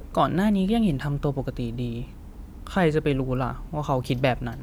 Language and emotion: Thai, frustrated